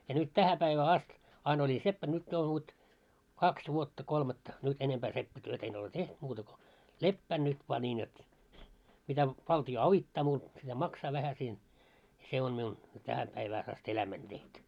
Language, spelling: Finnish, ja nyt tähän päivään asti aina oli seppänä nyt jo vot kaksi vuotta kolmatta nyt enempää seppätyötä en ole tehnyt muuta kuin lepään nyt vain niin jotta mitä valtio auttaa muuta mitä maksaa vähän siinä se on minun tähän päivään asti elämäni tehty
- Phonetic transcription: ja nyt "tähä päivää "ast , ain ‿oĺi 'seppän nyt jo vot , 'kaks vuotta 'kolmatta , nyt 'enempää seppätyötᵃ̈ ‿en ole "teht muuta ko , "leppään nyt voa 'ńiin jot , mitä , 'valti₍o "avittaa muut , mitä "maksaa vähä siin , 'se on miun , 'tähä päivääs ‿ast 'elämäń tehtu .

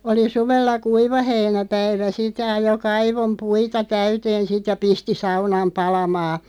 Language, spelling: Finnish, oli suvella kuivaheinäpäivä sitten ja ajoi kaivon puita täyteen sitten ja pisti saunan palamaan
- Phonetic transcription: oli 'suvella "kuivaheinä'päivä 'sit (ja) 'ajo 'kaivom "puita 'täyteen 'sit ja "pisti 'saunam 'palamaa .

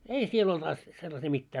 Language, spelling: Finnish, ei siellä ollut - sellaisia mitään
- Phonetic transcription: ei sie'l ‿olt as- , sellasii 'mittää .

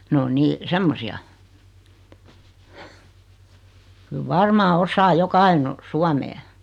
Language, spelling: Finnish, ne on niin semmoisia kyllä varmaan osaa joka ainoa suomea
- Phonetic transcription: 'ne o 'nii , 'semmosi₍a , kyl "varmaa 'osaa 'joka aino , "suamee .

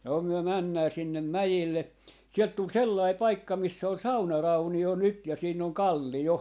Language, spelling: Finnish, no me mennään sinne mäelle sieltä tuli sellainen paikka missä oli saunaraunio nyt ja siinä on kallio
- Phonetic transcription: no myö 'männää 'sinnem "mäjelle , 'sielt 'tul "sellai "paikka 'miss ‿ol "saunarauni₍o 'nyt ja 'siinn ‿oŋ "kalli₍o .

